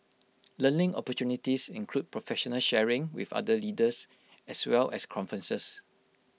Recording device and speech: mobile phone (iPhone 6), read sentence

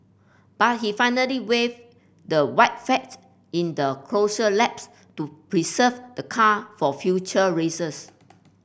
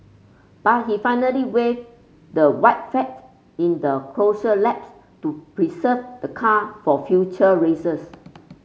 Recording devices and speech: boundary microphone (BM630), mobile phone (Samsung C5), read sentence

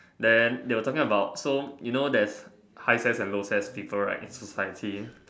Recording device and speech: standing microphone, conversation in separate rooms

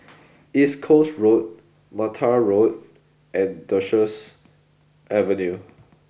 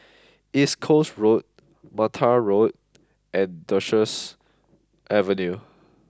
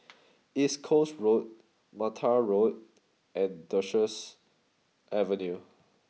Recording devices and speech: boundary microphone (BM630), close-talking microphone (WH20), mobile phone (iPhone 6), read sentence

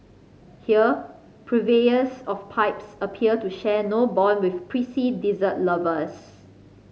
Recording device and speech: mobile phone (Samsung C5010), read sentence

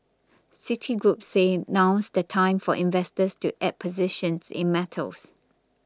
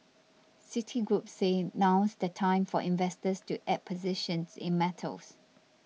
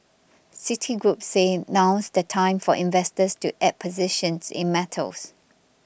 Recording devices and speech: close-talking microphone (WH20), mobile phone (iPhone 6), boundary microphone (BM630), read sentence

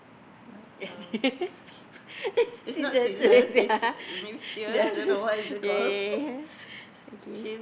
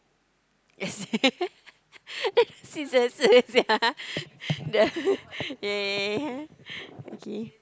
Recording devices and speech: boundary microphone, close-talking microphone, conversation in the same room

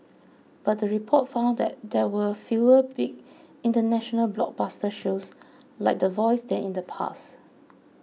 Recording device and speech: mobile phone (iPhone 6), read sentence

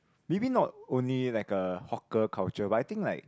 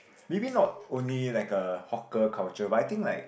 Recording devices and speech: close-talking microphone, boundary microphone, conversation in the same room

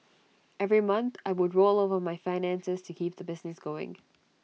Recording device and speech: mobile phone (iPhone 6), read sentence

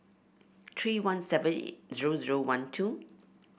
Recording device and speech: boundary microphone (BM630), read sentence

